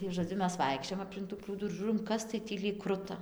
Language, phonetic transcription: Lithuanian, tai žoˈdziu ˈmes ˈvaikščiojam aplink tų ˈprūdų ir ˈžūrom ˈkas tai ˈtį lyg ˈkruta

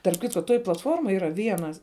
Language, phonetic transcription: Lithuanian, tarp ˈkitko ˈtoj platˈformoj yˈra ˈvienas

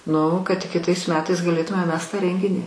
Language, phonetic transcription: Lithuanian, ˈnu kad tik kiˈtais ˈmetais gaˈlėtume ˈmes tą ˈrenginį

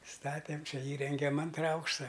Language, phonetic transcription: Lithuanian, ˈstatėm ˈčia ˈįrengem ˈantra ˈaukšta

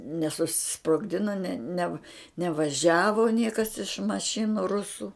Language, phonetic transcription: Lithuanian, nesusisprogˈdina ne ne nevaˈžiavo ˈniekas iš maˈšinu ˈrusu

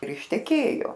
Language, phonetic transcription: Lithuanian, ir išteˈkėjo

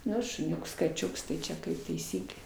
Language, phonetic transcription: Lithuanian, ˈnu šuˈniuks kaˈčiuks tai ˈčia kaip taiˈsyklė

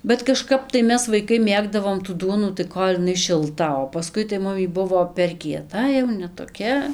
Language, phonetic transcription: Lithuanian, bet kaˈžkap tai ˈmes vaiˈkai ˈmėgdavom tų ˈduonų tai ˈkol' iˈnai šilˈta o paˈskui tai ˈmum y ˈbuvo per kieˈta jau ne toˈkia

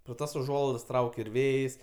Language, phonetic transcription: Lithuanian, pro ˈtas uˈžuolaidas ˈtrauk' ir ˈvėjs'

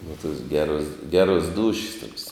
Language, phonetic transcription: Lithuanian, nu tos ˈgeros ˈgeros ˈdūšis toks

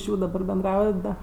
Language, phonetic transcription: Lithuanian, iš ˈjų daˈbar benˈdraujat da

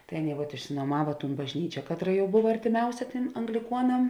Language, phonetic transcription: Lithuanian, tai ˈaˌnėi vat išinuoˈmava tūn bažˈnyčia ˈkatˌra jau ˈbuva artiˈmiausia ˈtėm angliˈkuonam

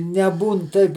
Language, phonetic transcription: Lithuanian, neˈbūn ˈtaip

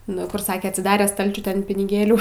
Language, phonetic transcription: Lithuanian, ˈnu kur ˈsake atsiˈdare ˈstalčiu ˈten piniˈgėlių

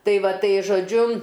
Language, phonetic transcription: Lithuanian, ˈtai ˈva ˈtai žoˈdžiu

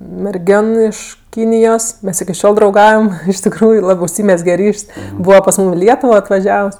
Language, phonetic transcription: Lithuanian, merˈgion ˈiš ˈkynijos ˈmes iki ˈšiol drauˈgaujam iš tikˈrųju ˈlabɜ užˈsymezge ˈryš's' ˈbūva pas ˈmūm i ˈlietuvo atvaˈžiavs

